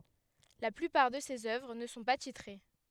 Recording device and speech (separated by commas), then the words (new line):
headset microphone, read sentence
La plupart de ses œuvres ne sont pas titrées.